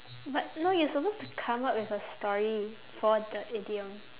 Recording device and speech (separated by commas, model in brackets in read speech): telephone, conversation in separate rooms